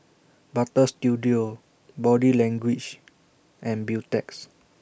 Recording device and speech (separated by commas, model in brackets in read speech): boundary microphone (BM630), read sentence